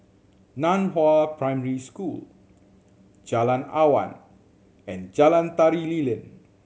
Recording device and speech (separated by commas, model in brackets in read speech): mobile phone (Samsung C7100), read sentence